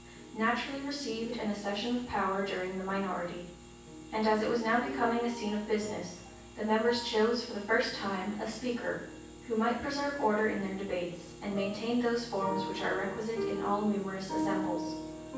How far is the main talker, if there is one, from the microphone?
9.8 m.